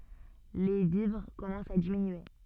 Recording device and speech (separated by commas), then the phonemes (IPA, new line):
soft in-ear microphone, read sentence
le vivʁ kɔmɑ̃st a diminye